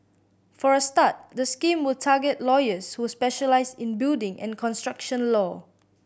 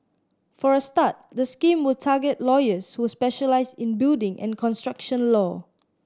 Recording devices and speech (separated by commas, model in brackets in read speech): boundary microphone (BM630), standing microphone (AKG C214), read sentence